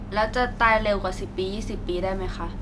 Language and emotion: Thai, neutral